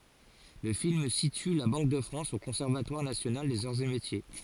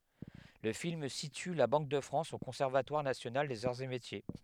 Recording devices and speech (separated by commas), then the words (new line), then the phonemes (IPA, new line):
forehead accelerometer, headset microphone, read sentence
Le film situe la Banque de France au Conservatoire national des arts et métiers.
lə film sity la bɑ̃k də fʁɑ̃s o kɔ̃sɛʁvatwaʁ nasjonal dez aʁz e metje